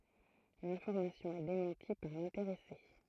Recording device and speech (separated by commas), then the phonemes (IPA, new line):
throat microphone, read sentence
lɛ̃fɔʁmasjɔ̃ ɛ demɑ̃ti paʁ lɛ̃teʁɛse